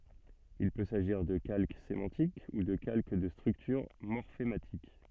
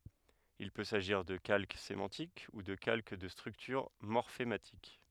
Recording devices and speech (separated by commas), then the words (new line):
soft in-ear microphone, headset microphone, read sentence
Il peut s’agir de calque sémantique ou de calque de structure morphématique.